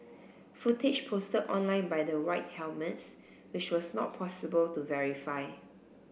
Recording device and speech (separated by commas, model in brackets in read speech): boundary microphone (BM630), read sentence